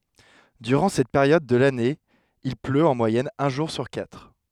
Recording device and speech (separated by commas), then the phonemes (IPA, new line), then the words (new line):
headset microphone, read sentence
dyʁɑ̃ sɛt peʁjɔd də lane il pløt ɑ̃ mwajɛn œ̃ ʒuʁ syʁ katʁ
Durant cette période de l'année il pleut en moyenne un jour sur quatre.